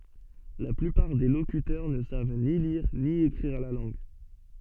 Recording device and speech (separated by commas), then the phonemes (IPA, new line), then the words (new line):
soft in-ear microphone, read sentence
la plypaʁ de lokytœʁ nə sav ni liʁ ni ekʁiʁ la lɑ̃ɡ
La plupart des locuteurs ne savent ni lire ni écrire la langue.